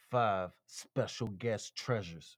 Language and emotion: English, angry